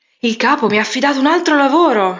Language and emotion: Italian, surprised